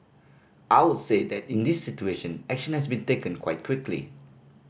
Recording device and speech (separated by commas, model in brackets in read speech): boundary microphone (BM630), read sentence